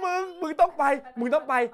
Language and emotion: Thai, happy